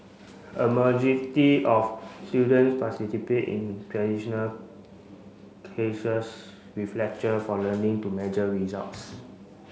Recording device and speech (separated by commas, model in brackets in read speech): mobile phone (Samsung C5), read sentence